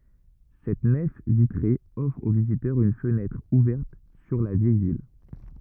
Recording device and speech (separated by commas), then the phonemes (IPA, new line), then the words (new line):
rigid in-ear microphone, read sentence
sɛt nɛf vitʁe ɔfʁ o vizitœʁz yn fənɛtʁ uvɛʁt syʁ la vjɛj vil
Cette nef vitrée offre aux visiteurs une fenêtre ouverte sur la vieille ville.